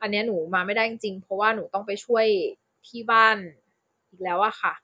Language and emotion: Thai, neutral